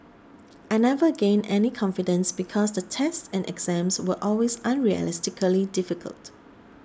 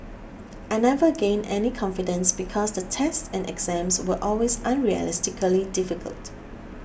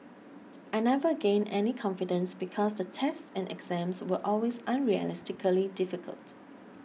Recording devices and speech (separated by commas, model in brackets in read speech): standing microphone (AKG C214), boundary microphone (BM630), mobile phone (iPhone 6), read sentence